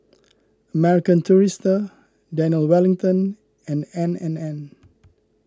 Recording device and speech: close-talking microphone (WH20), read sentence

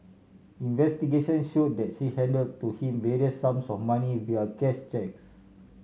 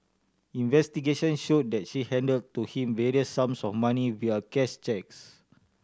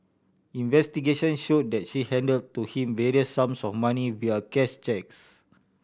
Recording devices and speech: mobile phone (Samsung C7100), standing microphone (AKG C214), boundary microphone (BM630), read sentence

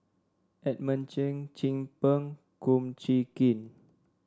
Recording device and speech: standing microphone (AKG C214), read sentence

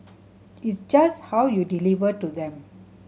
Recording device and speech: mobile phone (Samsung C7100), read sentence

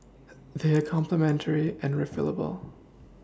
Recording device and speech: standing microphone (AKG C214), read sentence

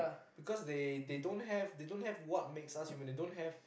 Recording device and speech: boundary microphone, conversation in the same room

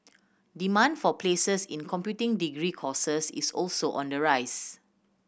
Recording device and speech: boundary microphone (BM630), read sentence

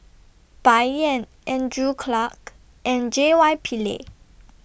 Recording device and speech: boundary microphone (BM630), read sentence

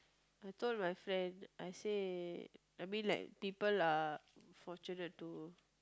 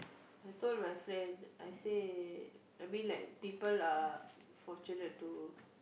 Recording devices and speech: close-talking microphone, boundary microphone, conversation in the same room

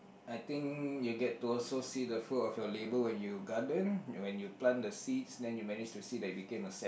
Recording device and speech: boundary microphone, conversation in the same room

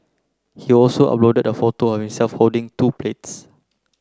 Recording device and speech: close-talking microphone (WH30), read sentence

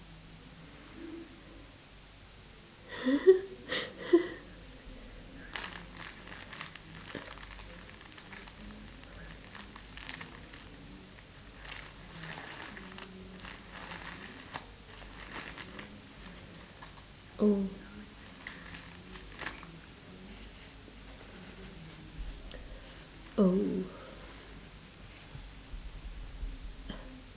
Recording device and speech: standing microphone, conversation in separate rooms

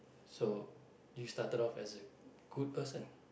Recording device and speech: boundary microphone, conversation in the same room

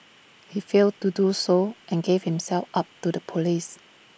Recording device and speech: boundary microphone (BM630), read sentence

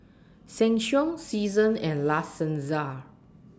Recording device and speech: standing microphone (AKG C214), read sentence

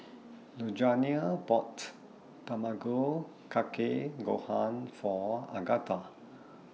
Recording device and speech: mobile phone (iPhone 6), read sentence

